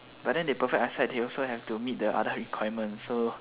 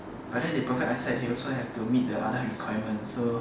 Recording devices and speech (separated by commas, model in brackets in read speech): telephone, standing microphone, conversation in separate rooms